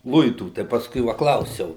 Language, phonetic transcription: Lithuanian, ˈluitų tai pasˈkui ˈva ˈklausiau

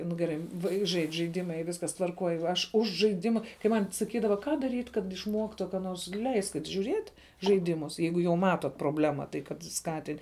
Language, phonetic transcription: Lithuanian, nu geˈrai ˈvaiks ˈžaidž' žaiˈdima y ˈviskas tvarˈkoj aš ˈuž žaiˈdima kai ˈman' saˈkydava ˈką daˈryt' kad išˈmuoktu ka ˈnors ˈleiskit' žiūˈriet' žaiˈdimus ˈjeigu jau ˈmatot proˈblema tai kad ˈskatin'

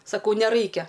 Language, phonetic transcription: Lithuanian, saˈkau neˈraikia

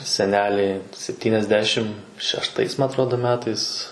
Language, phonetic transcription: Lithuanian, seˈneliai septyniasˈdešim šešˈtais ma atˈrodo ˈmetais

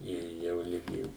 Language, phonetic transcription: Lithuanian, ˈir ˈjau ˈligi

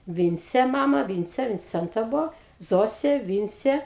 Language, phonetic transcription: Lithuanian, ˈvincė ˈmama ˈvincė vinˈcenta ˈbuvo ˈzosė ˈvincė

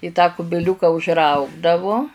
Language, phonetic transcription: Lithuanian, i ˈtą kubiˈliūka užˈraugdavu

